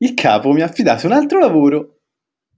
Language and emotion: Italian, happy